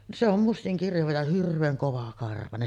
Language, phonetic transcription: Finnish, se ‿om 'mustiŋ kirjava ja 'hirv̆veeŋ kovakarvanen .
- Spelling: se on mustan kirjava ja hirveän kovakarvainen

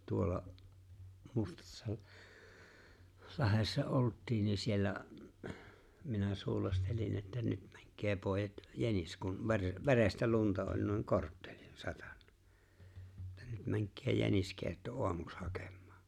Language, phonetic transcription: Finnish, 'tuolla’ , 'Mustassa-’ , 'Lahessa 'olt̆tiin (ni) 'siellä , minä 'suulastelin että » 'nyt ᴍᴀ̈ᴎk̆kee 'pòejat « , 'jänis kun , 'vere- , "verestä 'lunta oĺ nuiŋ "korttᴇʟɪɴ 'satᴀɴ(ɴᴀ) , että » 'nyt 'mäŋk̆kee 'jäniskeeⁱtto "oamuks 'hakèm̆mᴀᴀ « .
- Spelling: tuolla - Mustassalahdessa oltiin niin siellä minä suulastelin että nyt oikein pojat jänis kun - verestä lunta oli niin korttelin satanut että nyt menkää jäniskeitto aamuksi hakemaan

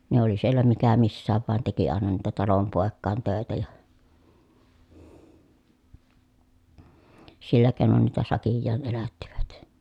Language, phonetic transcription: Finnish, ne ‿oli sielä mikä missääv vàen teki àena niitä talompòekkàen tö̀etä ja , sillä kèi̮non niitä sakijjaan elättivät .
- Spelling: ne oli siellä mikä missäkin vain teki aina niitä talonpoikien töitä ja sillä keinoin niitä sakkiaan elättivät

